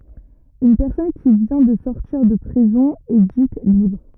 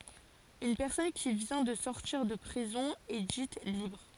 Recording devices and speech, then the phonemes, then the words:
rigid in-ear microphone, forehead accelerometer, read sentence
yn pɛʁsɔn ki vjɛ̃ də sɔʁtiʁ də pʁizɔ̃ ɛ dit libʁ
Une personne qui vient de sortir de prison est dite libre.

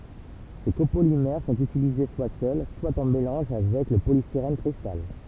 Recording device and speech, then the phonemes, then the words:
temple vibration pickup, read sentence
se kopolimɛʁ sɔ̃t ytilize swa sœl swa ɑ̃ melɑ̃ʒ avɛk lə polistiʁɛn kʁistal
Ces copolymères sont utilisés soit seuls, soit en mélange avec le polystyrène cristal.

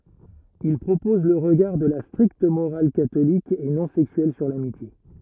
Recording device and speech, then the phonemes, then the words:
rigid in-ear microphone, read sentence
il pʁopɔz lə ʁəɡaʁ də la stʁikt moʁal katolik e nɔ̃ sɛksyɛl syʁ lamitje
Il propose le regard de la stricte morale catholique et non sexuelle sur l'amitié.

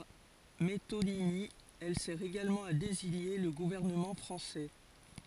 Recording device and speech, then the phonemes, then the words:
forehead accelerometer, read sentence
paʁ metonimi ɛl sɛʁ eɡalmɑ̃ a deziɲe lə ɡuvɛʁnəmɑ̃ fʁɑ̃sɛ
Par métonymie, elle sert également à désigner le gouvernement français.

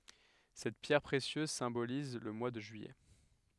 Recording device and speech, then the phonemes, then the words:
headset microphone, read sentence
sɛt pjɛʁ pʁesjøz sɛ̃boliz lə mwa də ʒyijɛ
Cette pierre précieuse symbolise le mois de juillet.

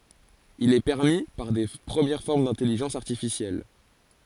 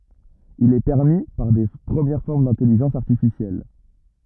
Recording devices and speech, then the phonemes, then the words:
forehead accelerometer, rigid in-ear microphone, read sentence
il ɛ pɛʁmi paʁ də pʁəmjɛʁ fɔʁm dɛ̃tɛliʒɑ̃s aʁtifisjɛl
Il est permis par de premières formes d'intelligence artificielle.

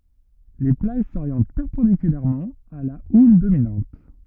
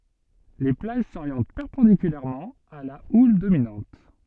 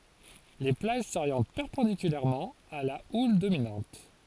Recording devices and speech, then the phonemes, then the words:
rigid in-ear microphone, soft in-ear microphone, forehead accelerometer, read sentence
le plaʒ soʁjɑ̃t pɛʁpɑ̃dikylɛʁmɑ̃ a la ul dominɑ̃t
Les plages s'orientent perpendiculairement à la houle dominante.

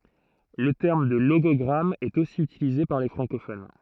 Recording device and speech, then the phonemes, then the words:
throat microphone, read sentence
lə tɛʁm də loɡɔɡʁam ɛt osi ytilize paʁ le fʁɑ̃kofon
Le terme de logogramme est aussi utilisé par les francophones.

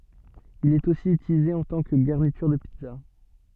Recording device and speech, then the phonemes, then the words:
soft in-ear microphone, read sentence
il ɛt osi ytilize ɑ̃ tɑ̃ kə ɡaʁnityʁ də pizza
Il est aussi utilisé en tant que garniture de pizza.

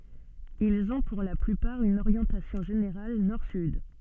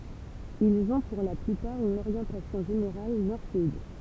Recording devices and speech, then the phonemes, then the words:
soft in-ear microphone, temple vibration pickup, read sentence
ilz ɔ̃ puʁ la plypaʁ yn oʁjɑ̃tasjɔ̃ ʒeneʁal nɔʁ syd
Ils ont pour la plupart une orientation générale nord-sud.

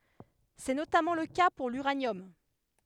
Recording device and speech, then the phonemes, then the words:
headset microphone, read sentence
sɛ notamɑ̃ lə ka puʁ lyʁanjɔm
C'est notamment le cas pour l'uranium.

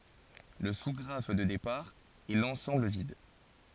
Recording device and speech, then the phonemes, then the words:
forehead accelerometer, read sentence
lə su ɡʁaf də depaʁ ɛ lɑ̃sɑ̃bl vid
Le sous-graphe de départ est l'ensemble vide.

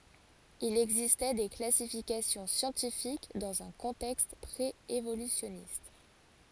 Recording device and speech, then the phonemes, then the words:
forehead accelerometer, read sentence
il ɛɡzistɛ de klasifikasjɔ̃ sjɑ̃tifik dɑ̃z œ̃ kɔ̃tɛkst pʁeevolysjɔnist
Il existait des classifications scientifiques dans un contexte pré-évolutionniste.

